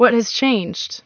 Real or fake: real